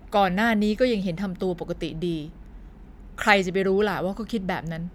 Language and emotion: Thai, frustrated